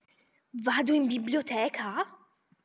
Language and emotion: Italian, surprised